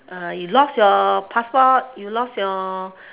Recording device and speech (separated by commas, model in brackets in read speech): telephone, conversation in separate rooms